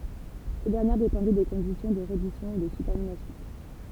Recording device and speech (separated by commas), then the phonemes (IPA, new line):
temple vibration pickup, read sentence
se dɛʁnjɛʁ depɑ̃dɛ de kɔ̃disjɔ̃ də ʁɛdisjɔ̃ u də sybɔʁdinasjɔ̃